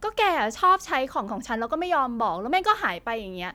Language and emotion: Thai, frustrated